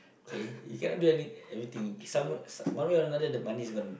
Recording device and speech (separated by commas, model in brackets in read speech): boundary microphone, conversation in the same room